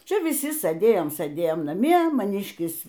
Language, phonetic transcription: Lithuanian, ˈčia viˈsi sɘˈdėjom sɘˈdėjom naˈmie maˈnyškis

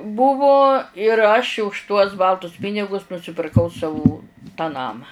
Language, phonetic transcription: Lithuanian, ˈbuvu ir aš' už tuos ˈbaltus ˈpinigus nusipirˈkau ˈsavų tą ˈnamą

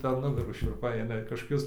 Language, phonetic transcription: Lithuanian, per ˈnugarų šiurˈpai ˈaina kažkoˈkius

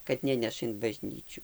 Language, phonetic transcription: Lithuanian, kad ˈneneša in baˈžnyčiu

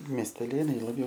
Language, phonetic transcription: Lithuanian, miesteˈlėnai laˈbjau

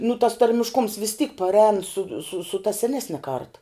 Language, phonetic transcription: Lithuanian, nu tas tarmišˈkums vis tyk parˈēn su su su ta seˈnesne kart

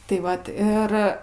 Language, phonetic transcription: Lithuanian, tai ˈvat ˈir

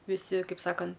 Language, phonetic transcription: Lithuanian, viˈsi ˈkaip ˈsakan

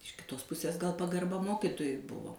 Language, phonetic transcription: Lithuanian, iš kiˈtos ˈpusės gal pagarˈba ˈmokitojui ˈbuvo

